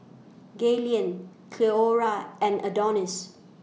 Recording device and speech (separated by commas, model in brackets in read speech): mobile phone (iPhone 6), read sentence